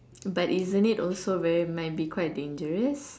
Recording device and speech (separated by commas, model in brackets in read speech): standing microphone, conversation in separate rooms